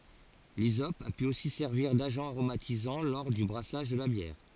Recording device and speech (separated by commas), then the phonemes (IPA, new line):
forehead accelerometer, read sentence
lizɔp a py osi sɛʁviʁ daʒɑ̃ aʁomatizɑ̃ lɔʁ dy bʁasaʒ də la bjɛʁ